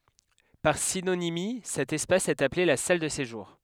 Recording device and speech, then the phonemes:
headset microphone, read sentence
paʁ sinonimi sɛt ɛspas ɛt aple la sal də seʒuʁ

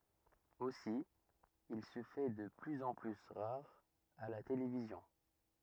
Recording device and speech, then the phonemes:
rigid in-ear microphone, read sentence
osi il sə fɛ də plyz ɑ̃ ply ʁaʁ a la televizjɔ̃

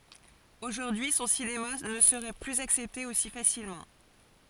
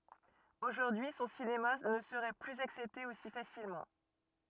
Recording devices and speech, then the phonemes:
forehead accelerometer, rigid in-ear microphone, read sentence
oʒuʁdyi sɔ̃ sinema nə səʁɛ plyz aksɛpte osi fasilmɑ̃

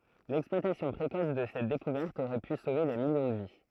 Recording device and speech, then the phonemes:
throat microphone, read sentence
lɛksplwatasjɔ̃ pʁekɔs də sɛt dekuvɛʁt oʁɛ py sove de miljɔ̃ də vi

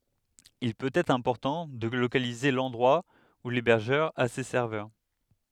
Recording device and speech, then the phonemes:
headset microphone, read sentence
il pøt ɛtʁ ɛ̃pɔʁtɑ̃ də lokalize lɑ̃dʁwa u lebɛʁʒœʁ a se sɛʁvœʁ

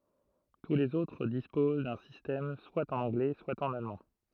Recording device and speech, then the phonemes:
throat microphone, read sentence
tu lez otʁ dispoz dœ̃ sistɛm swa ɑ̃n ɑ̃ɡlɛ swa ɑ̃n almɑ̃

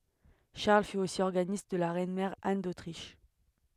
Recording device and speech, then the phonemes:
headset microphone, read sentence
ʃaʁl fy osi ɔʁɡanist də la ʁɛnmɛʁ an dotʁiʃ

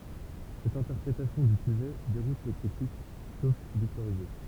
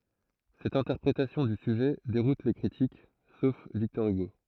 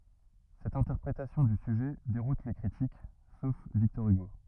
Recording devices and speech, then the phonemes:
temple vibration pickup, throat microphone, rigid in-ear microphone, read sentence
sɛt ɛ̃tɛʁpʁetasjɔ̃ dy syʒɛ deʁut le kʁitik sof viktɔʁ yɡo

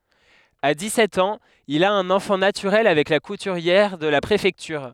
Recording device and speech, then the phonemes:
headset microphone, read sentence
a dikssɛt ɑ̃z il a œ̃n ɑ̃fɑ̃ natyʁɛl avɛk la kutyʁjɛʁ də la pʁefɛktyʁ

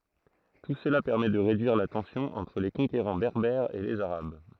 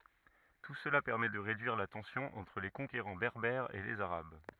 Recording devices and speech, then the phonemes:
throat microphone, rigid in-ear microphone, read sentence
tu səla pɛʁmɛ də ʁedyiʁ la tɑ̃sjɔ̃ ɑ̃tʁ le kɔ̃keʁɑ̃ bɛʁbɛʁz e lez aʁab

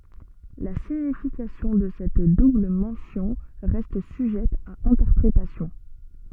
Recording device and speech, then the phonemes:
soft in-ear microphone, read sentence
la siɲifikasjɔ̃ də sɛt dubl mɑ̃sjɔ̃ ʁɛst syʒɛt a ɛ̃tɛʁpʁetasjɔ̃

